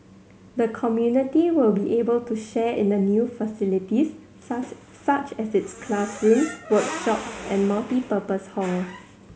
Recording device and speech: mobile phone (Samsung C7100), read sentence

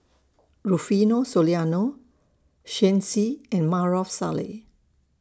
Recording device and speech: standing microphone (AKG C214), read sentence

